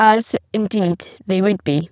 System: VC, spectral filtering